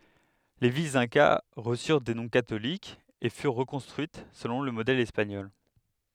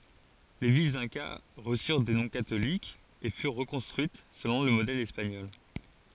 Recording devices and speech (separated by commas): headset microphone, forehead accelerometer, read sentence